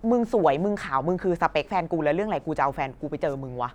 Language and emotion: Thai, angry